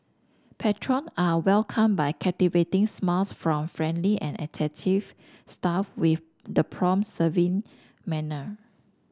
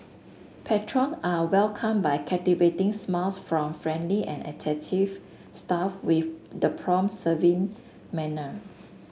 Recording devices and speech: standing microphone (AKG C214), mobile phone (Samsung S8), read sentence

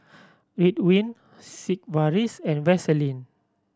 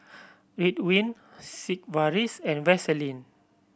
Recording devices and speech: standing microphone (AKG C214), boundary microphone (BM630), read sentence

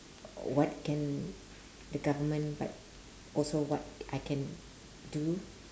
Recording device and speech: standing microphone, conversation in separate rooms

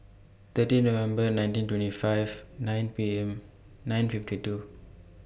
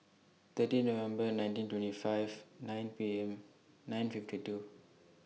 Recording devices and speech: boundary microphone (BM630), mobile phone (iPhone 6), read sentence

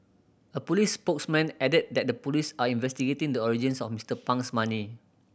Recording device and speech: boundary microphone (BM630), read sentence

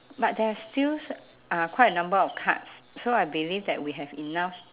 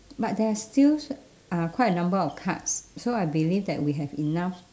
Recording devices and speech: telephone, standing microphone, conversation in separate rooms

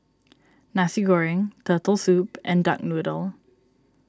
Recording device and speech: standing microphone (AKG C214), read sentence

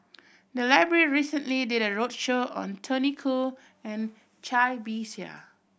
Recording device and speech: boundary microphone (BM630), read sentence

